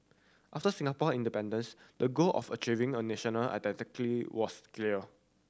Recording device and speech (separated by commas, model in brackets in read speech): standing microphone (AKG C214), read sentence